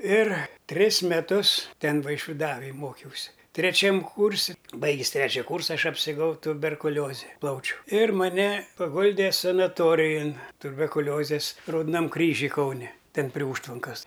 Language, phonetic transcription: Lithuanian, ir ˈtris meˈtus ˈten vaišviˈdavaj ˈmokiausi treˈčiam ˈkūrsi ˈbaigis ˈtrečia ˈkūrsa ˈaš apsirˈgau tuberkuˈlioze ˈplaučių ir maˈne paˈguldė sanaˈtorijon tuberkuˈliozės raudoˈnam ˈkryžiuj ˈkaune ˈten prie ˈūžtvankas

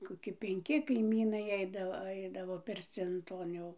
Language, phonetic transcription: Lithuanian, koˈki penˈki kaiˈmynai ˈeidavo ˈaidavo pirˈcin ˈton jau

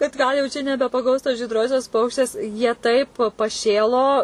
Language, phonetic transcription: Lithuanian, kad ˈgal jau čia nebepaˈgaus tos žydˈrosios ˈpaukštės jie ˈtaip paˈšėlo

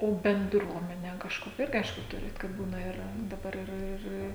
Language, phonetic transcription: Lithuanian, ˈo benˈdruomene kažˈkokia ˈirgi ˈaišku ˈturit kad ˈbūna iˈra daˈbar iˈra ˈir

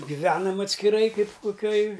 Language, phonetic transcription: Lithuanian, giˈvenam atskiˈrai ˈkaip koˈkioj

